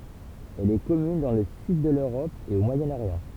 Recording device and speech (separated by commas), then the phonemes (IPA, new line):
temple vibration pickup, read sentence
ɛl ɛ kɔmyn dɑ̃ lə syd də løʁɔp e o mwajənoʁjɑ̃